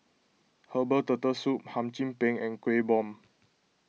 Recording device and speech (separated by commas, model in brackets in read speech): mobile phone (iPhone 6), read sentence